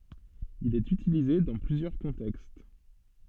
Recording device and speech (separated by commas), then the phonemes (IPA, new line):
soft in-ear microphone, read sentence
il ɛt ytilize dɑ̃ plyzjœʁ kɔ̃tɛkst